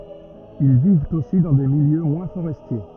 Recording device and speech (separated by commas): rigid in-ear microphone, read sentence